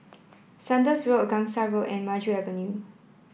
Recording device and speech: boundary microphone (BM630), read sentence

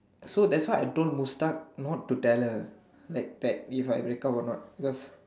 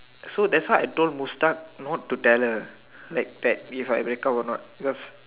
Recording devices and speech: standing microphone, telephone, conversation in separate rooms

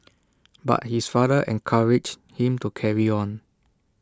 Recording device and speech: standing microphone (AKG C214), read sentence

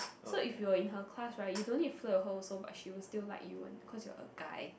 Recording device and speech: boundary microphone, conversation in the same room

